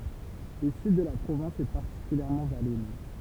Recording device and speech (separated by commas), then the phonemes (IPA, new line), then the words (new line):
temple vibration pickup, read sentence
lə syd də la pʁovɛ̃s ɛ paʁtikyljɛʁmɑ̃ valɔne
Le sud de la province est particulièrement vallonné.